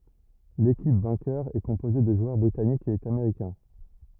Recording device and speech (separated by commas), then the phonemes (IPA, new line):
rigid in-ear microphone, read sentence
lekip vɛ̃kœʁ ɛ kɔ̃poze də ʒwœʁ bʁitanikz e ameʁikɛ̃